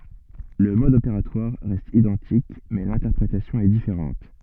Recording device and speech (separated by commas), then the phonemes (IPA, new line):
soft in-ear microphone, read sentence
lə mɔd opeʁatwaʁ ʁɛst idɑ̃tik mɛ lɛ̃tɛʁpʁetasjɔ̃ ɛ difeʁɑ̃t